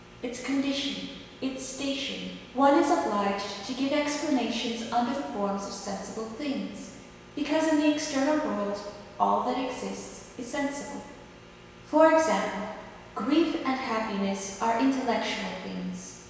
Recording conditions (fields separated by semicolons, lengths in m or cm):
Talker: one person; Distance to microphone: 1.7 m; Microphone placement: close; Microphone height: 1.0 m; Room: very reverberant, large; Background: none